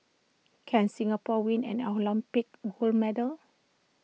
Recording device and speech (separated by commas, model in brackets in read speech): mobile phone (iPhone 6), read sentence